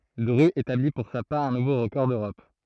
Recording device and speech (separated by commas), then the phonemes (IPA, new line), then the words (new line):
throat microphone, read sentence
dʁy etabli puʁ sa paʁ œ̃ nuvo ʁəkɔʁ døʁɔp
Drut établit pour sa part un nouveau record d'Europe.